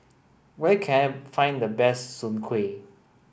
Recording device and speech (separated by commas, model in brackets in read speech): boundary microphone (BM630), read sentence